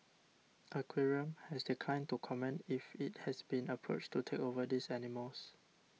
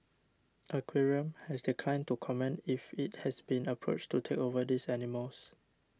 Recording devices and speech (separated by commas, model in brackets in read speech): mobile phone (iPhone 6), standing microphone (AKG C214), read sentence